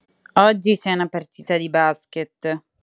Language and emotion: Italian, disgusted